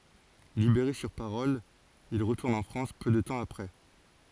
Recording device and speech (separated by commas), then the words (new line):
forehead accelerometer, read sentence
Libéré sur parole, il retourne en France peu de temps après.